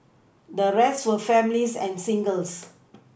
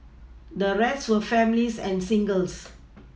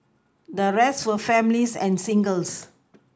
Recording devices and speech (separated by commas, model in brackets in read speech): boundary microphone (BM630), mobile phone (iPhone 6), close-talking microphone (WH20), read sentence